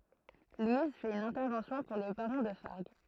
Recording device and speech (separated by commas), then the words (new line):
throat microphone, read sentence
Louise fait une intervention pour le baron de Fargues...